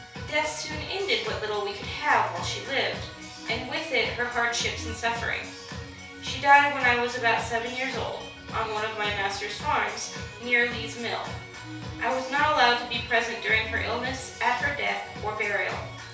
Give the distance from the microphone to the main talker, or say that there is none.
3.0 m.